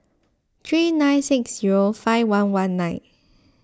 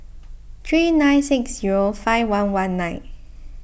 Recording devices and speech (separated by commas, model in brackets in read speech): close-talking microphone (WH20), boundary microphone (BM630), read sentence